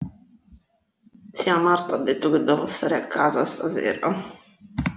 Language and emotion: Italian, sad